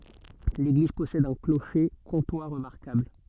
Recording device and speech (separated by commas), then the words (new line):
soft in-ear microphone, read sentence
L'église possède un clocher comtois remarquable.